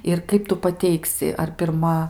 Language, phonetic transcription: Lithuanian, ir ˈkaip tu paˈteiksi ar pirˈma

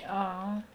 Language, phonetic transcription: Lithuanian, ˈaˌa

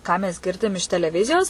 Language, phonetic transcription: Lithuanian, ˈką mes ˈgirdim iš teleˈvizijos

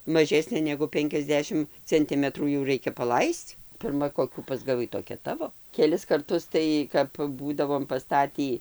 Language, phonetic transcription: Lithuanian, maˈžesnė negu ˈpenkiasˌdešim cenˈtimetrų jau ˈraikia paˈlaisc pirˈma koˈkių pasgaˈvai toˈkia ˈtavo keˈlis karˈtus ˈtai kap ˈbūdavom paˈstatį

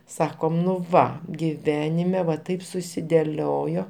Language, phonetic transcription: Lithuanian, ˈsakom nu ˈva giˈvenime va ˈtaip susideˈliojo

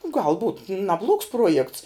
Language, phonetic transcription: Lithuanian, gal būt naˈbluogs ˈpruojekts

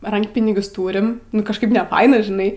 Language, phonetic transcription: Lithuanian, ˈrankpinigius ˈtūrim nu kažˈkaip neˈfaina žiˈnai

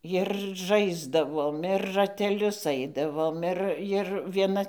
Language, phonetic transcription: Lithuanian, jir ˈžaisdavom ir rateˈlius ˈaidavom ˈir jir vieˈna

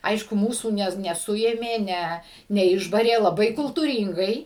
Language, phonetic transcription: Lithuanian, ˈaišku ˈmūsų ˈne neˈsuėmė ˈne neˈišbarė laˈbai kultūˈryngai

